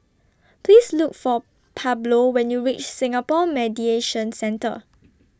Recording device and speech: standing microphone (AKG C214), read sentence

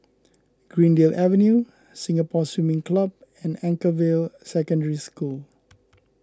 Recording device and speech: close-talking microphone (WH20), read sentence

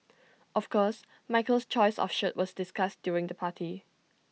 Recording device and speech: mobile phone (iPhone 6), read sentence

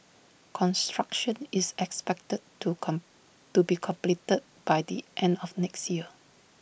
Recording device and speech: boundary microphone (BM630), read sentence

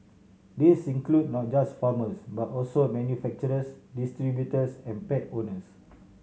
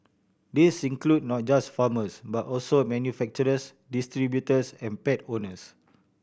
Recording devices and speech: mobile phone (Samsung C7100), boundary microphone (BM630), read sentence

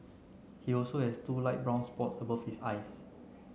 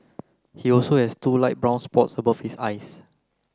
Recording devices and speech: mobile phone (Samsung C9), close-talking microphone (WH30), read sentence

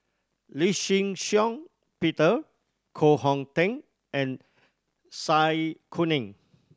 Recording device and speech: standing microphone (AKG C214), read sentence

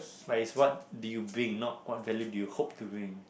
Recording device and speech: boundary microphone, conversation in the same room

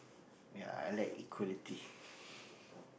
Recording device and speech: boundary microphone, conversation in the same room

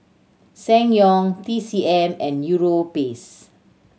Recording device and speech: mobile phone (Samsung C7100), read sentence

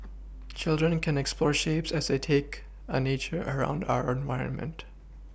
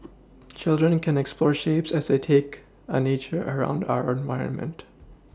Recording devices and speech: boundary microphone (BM630), standing microphone (AKG C214), read sentence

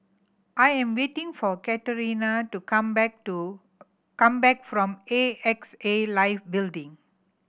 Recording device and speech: boundary microphone (BM630), read sentence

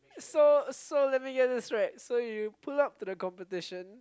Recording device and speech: close-talking microphone, conversation in the same room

